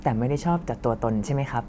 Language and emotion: Thai, neutral